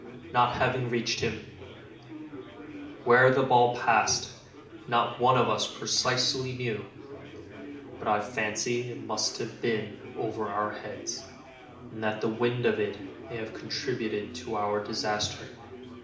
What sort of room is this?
A moderately sized room (about 5.7 m by 4.0 m).